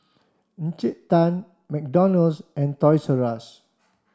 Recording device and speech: standing microphone (AKG C214), read sentence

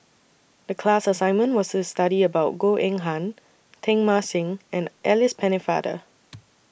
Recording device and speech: boundary microphone (BM630), read sentence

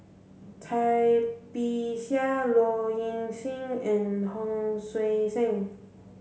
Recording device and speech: mobile phone (Samsung C7), read sentence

